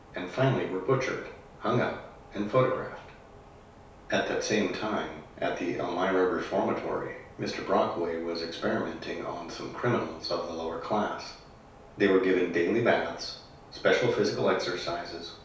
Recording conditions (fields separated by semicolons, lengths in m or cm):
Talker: one person; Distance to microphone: 3.0 m; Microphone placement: far; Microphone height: 1.8 m; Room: small (3.7 m by 2.7 m); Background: none